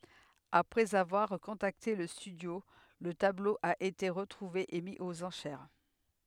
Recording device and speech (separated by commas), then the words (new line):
headset microphone, read sentence
Après avoir contacté le studio, le tableau a été retrouvé et mis aux enchères.